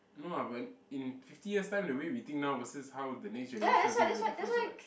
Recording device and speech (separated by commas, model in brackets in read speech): boundary microphone, conversation in the same room